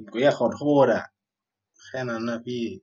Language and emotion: Thai, sad